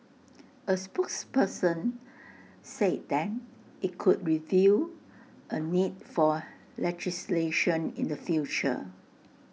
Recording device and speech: mobile phone (iPhone 6), read sentence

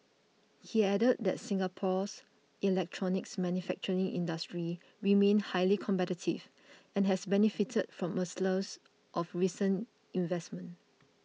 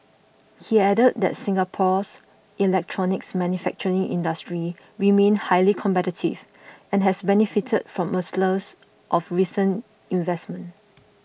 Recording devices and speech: mobile phone (iPhone 6), boundary microphone (BM630), read sentence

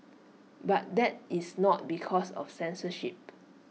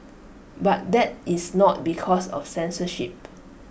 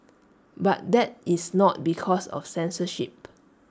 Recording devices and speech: mobile phone (iPhone 6), boundary microphone (BM630), standing microphone (AKG C214), read sentence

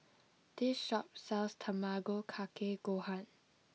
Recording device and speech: mobile phone (iPhone 6), read sentence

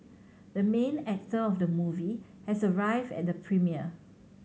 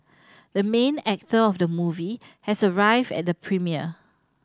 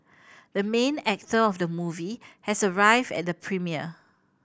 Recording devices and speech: mobile phone (Samsung C7100), standing microphone (AKG C214), boundary microphone (BM630), read sentence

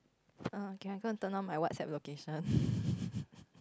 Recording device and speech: close-talking microphone, conversation in the same room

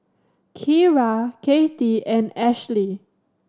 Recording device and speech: standing microphone (AKG C214), read sentence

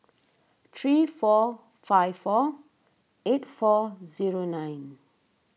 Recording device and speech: mobile phone (iPhone 6), read sentence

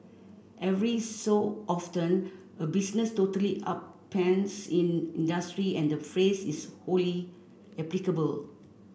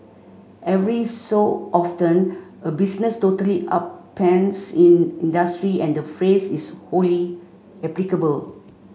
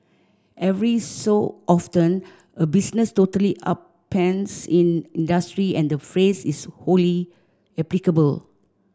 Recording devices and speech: boundary microphone (BM630), mobile phone (Samsung C5), standing microphone (AKG C214), read sentence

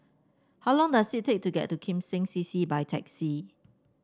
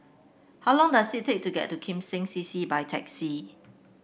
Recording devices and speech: standing microphone (AKG C214), boundary microphone (BM630), read sentence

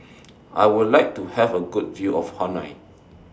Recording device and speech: standing microphone (AKG C214), read sentence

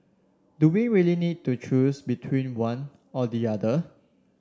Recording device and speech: standing microphone (AKG C214), read sentence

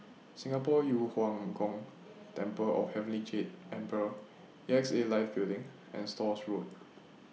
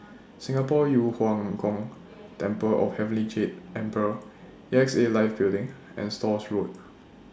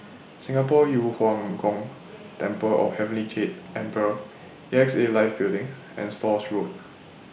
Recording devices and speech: mobile phone (iPhone 6), standing microphone (AKG C214), boundary microphone (BM630), read sentence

